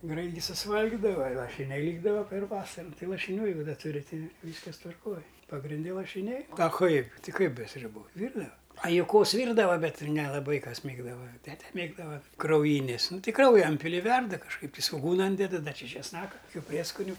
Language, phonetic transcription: Lithuanian, ˈgrait gi susˈvalgidava i lašiˈniai ˈlykdava per ˈvasaru ˈtai lašinˈių jeiˈgu ˈda ˈturi ˈtai ˈvyskas tvarˈkoj pagrinˈde lašiˈniai a ˈkaip ˈti ˈkaip be sriuˈbų ˈvyrdava a juˈkos ˈvyrdava ˈbet nelaˈbai ˈkas ˈmėgdava ˈtete ˈmėgdava krauˈjynės ˈnu ˈti ˈkrauja ˈinpili i ˈverda kažˈkaip ti svoˈgūna ˈyndeda ˈda ˈči česˈnaka kuˈkių ˈprieskuniu

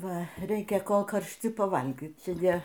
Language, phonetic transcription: Lithuanian, ˈva ˈreikia ˈkol karšˈti paˈvalgyt ˈjie

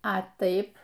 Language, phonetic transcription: Lithuanian, a ˈtaip

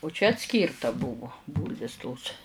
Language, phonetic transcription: Lithuanian, u čia atˈskyrta ˈbuvu ˈbūlvis tos

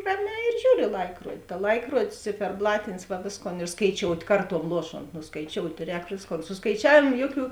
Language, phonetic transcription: Lithuanian, ˈraˌmē ir ˈžiūr i ˈlaikruodi ta ˈlaikruodis ciferˈblatinis va ˈvėsˌkon ir skaiˈčiout' ˈkarˌtuom ˈluoˌšont ˈnu skaiˈčiout' ˈrēk ˈvėsˌkon su skaiˈčiavėmo ˈjoˌkių

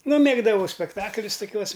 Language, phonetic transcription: Lithuanian, ˈnu ˈmėgdavau spekˈtaklius toˈkiuos

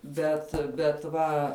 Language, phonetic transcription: Lithuanian, ˈbet bet ˈva

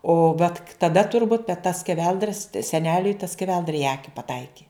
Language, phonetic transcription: Lithuanian, o vat k taˈda turˈbūt bet ta skeˈveldra se seˈneliui ta skeˈveldra i ˈaki paˈtaiki

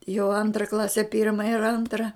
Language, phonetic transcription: Lithuanian, jau ˈantra ˈklase ˈpirma ir ˈantra

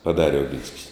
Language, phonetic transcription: Lithuanian, paˈdare oˈginskis

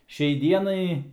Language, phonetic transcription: Lithuanian, ˈšiai ˈdienai

